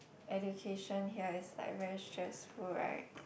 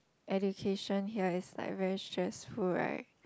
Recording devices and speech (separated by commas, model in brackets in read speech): boundary microphone, close-talking microphone, conversation in the same room